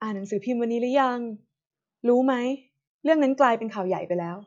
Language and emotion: Thai, neutral